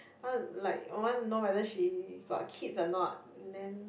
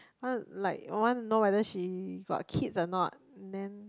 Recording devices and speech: boundary microphone, close-talking microphone, conversation in the same room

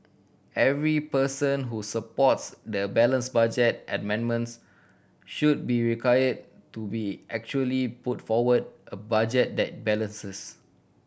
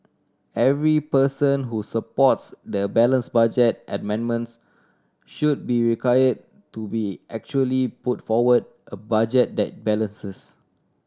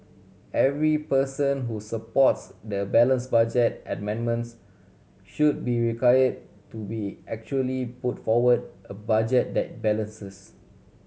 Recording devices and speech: boundary microphone (BM630), standing microphone (AKG C214), mobile phone (Samsung C7100), read sentence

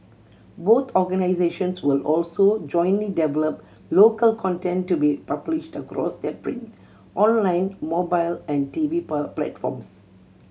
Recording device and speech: mobile phone (Samsung C7100), read sentence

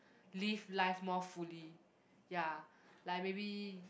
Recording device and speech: boundary microphone, conversation in the same room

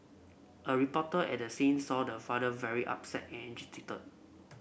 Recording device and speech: boundary microphone (BM630), read sentence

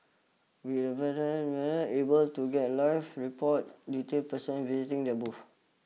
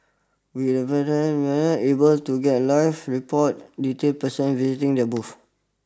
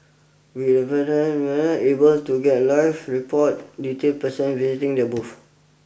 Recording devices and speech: mobile phone (iPhone 6), standing microphone (AKG C214), boundary microphone (BM630), read sentence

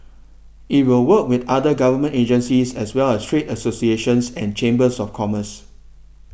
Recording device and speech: boundary microphone (BM630), read sentence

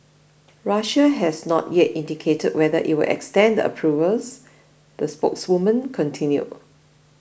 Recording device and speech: boundary microphone (BM630), read sentence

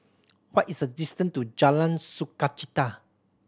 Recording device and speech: standing microphone (AKG C214), read sentence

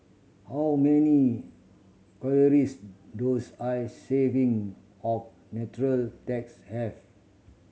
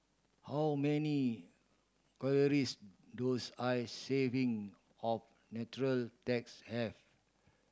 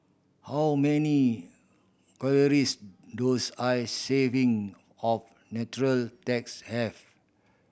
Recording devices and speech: mobile phone (Samsung C7100), standing microphone (AKG C214), boundary microphone (BM630), read sentence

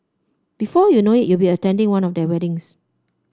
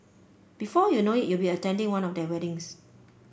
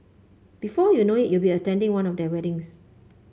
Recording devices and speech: standing microphone (AKG C214), boundary microphone (BM630), mobile phone (Samsung C5), read sentence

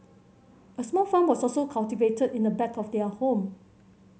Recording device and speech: mobile phone (Samsung C7100), read sentence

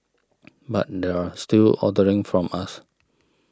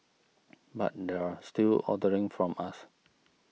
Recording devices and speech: standing microphone (AKG C214), mobile phone (iPhone 6), read sentence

